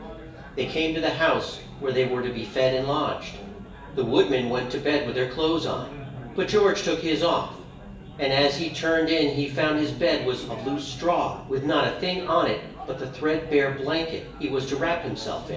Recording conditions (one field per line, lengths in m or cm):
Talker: one person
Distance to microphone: 1.8 m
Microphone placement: close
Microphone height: 1.0 m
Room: large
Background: babble